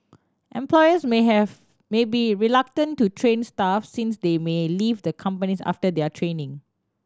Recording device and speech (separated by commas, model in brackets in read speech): standing microphone (AKG C214), read sentence